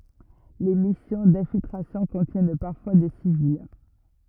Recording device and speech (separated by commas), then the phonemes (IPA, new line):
rigid in-ear microphone, read sentence
le misjɔ̃ dɛ̃filtʁasjɔ̃ kɔ̃tjɛn paʁfwa de sivil